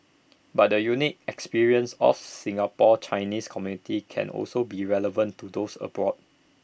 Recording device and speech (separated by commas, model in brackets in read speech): boundary microphone (BM630), read sentence